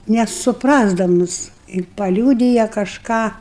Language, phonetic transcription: Lithuanian, nesupˈrasdamus i paˈliūdija kažˈką

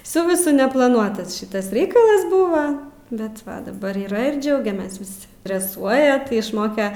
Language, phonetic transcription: Lithuanian, ˈsu viˈsu neplaˈnuotasˈšitas ˈreikalas ˈbuva ˈbet daˈbar yˈra ir ˈdžiaugiamės ˈvis dreˈsuoja ti išˈmoke

